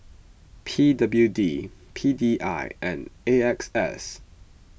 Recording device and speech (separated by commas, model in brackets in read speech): boundary microphone (BM630), read sentence